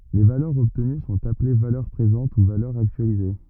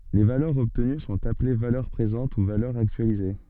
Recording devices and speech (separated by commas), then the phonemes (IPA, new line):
rigid in-ear microphone, soft in-ear microphone, read sentence
le valœʁz ɔbtəny sɔ̃t aple valœʁ pʁezɑ̃t u valœʁz aktyalize